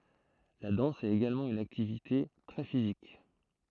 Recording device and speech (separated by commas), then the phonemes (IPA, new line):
throat microphone, read sentence
la dɑ̃s ɛt eɡalmɑ̃ yn aktivite tʁɛ fizik